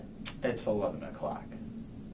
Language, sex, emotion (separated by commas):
English, male, neutral